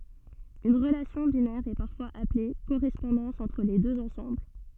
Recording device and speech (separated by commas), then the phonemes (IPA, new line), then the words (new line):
soft in-ear microphone, read sentence
yn ʁəlasjɔ̃ binɛʁ ɛ paʁfwaz aple koʁɛspɔ̃dɑ̃s ɑ̃tʁ le døz ɑ̃sɑ̃bl
Une relation binaire est parfois appelée correspondance entre les deux ensembles.